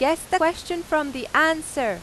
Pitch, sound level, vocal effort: 315 Hz, 94 dB SPL, very loud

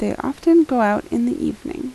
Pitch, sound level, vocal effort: 285 Hz, 80 dB SPL, soft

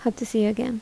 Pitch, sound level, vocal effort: 235 Hz, 74 dB SPL, soft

